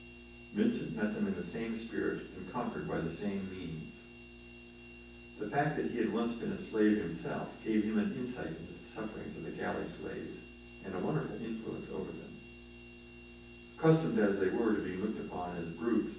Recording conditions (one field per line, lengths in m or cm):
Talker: one person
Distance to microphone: 9.8 m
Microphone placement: far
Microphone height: 1.8 m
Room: large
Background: none